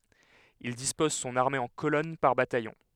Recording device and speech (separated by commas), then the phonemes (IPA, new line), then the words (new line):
headset microphone, read sentence
il dispɔz sɔ̃n aʁme ɑ̃ kolɔn paʁ batajɔ̃
Il dispose son armée en colonnes par bataillon.